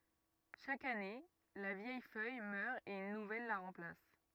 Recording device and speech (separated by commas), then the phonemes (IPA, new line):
rigid in-ear microphone, read sentence
ʃak ane la vjɛj fœj mœʁ e yn nuvɛl la ʁɑ̃plas